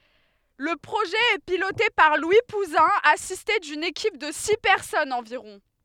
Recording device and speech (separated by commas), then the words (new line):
headset microphone, read sentence
Le projet est piloté par Louis Pouzin, assisté d'une équipe de six personnes environ.